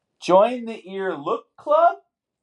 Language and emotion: English, surprised